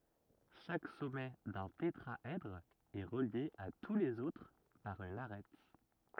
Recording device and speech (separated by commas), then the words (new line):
rigid in-ear microphone, read sentence
Chaque sommet d'un tétraèdre est relié à tous les autres par une arête.